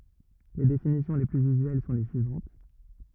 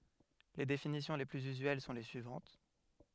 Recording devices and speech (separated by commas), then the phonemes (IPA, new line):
rigid in-ear microphone, headset microphone, read sentence
le definisjɔ̃ le plyz yzyɛl sɔ̃ le syivɑ̃t